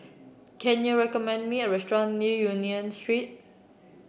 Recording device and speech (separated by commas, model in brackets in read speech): boundary microphone (BM630), read sentence